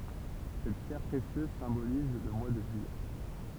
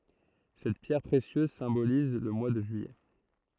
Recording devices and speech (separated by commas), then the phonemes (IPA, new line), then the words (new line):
temple vibration pickup, throat microphone, read sentence
sɛt pjɛʁ pʁesjøz sɛ̃boliz lə mwa də ʒyijɛ
Cette pierre précieuse symbolise le mois de juillet.